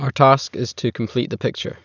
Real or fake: real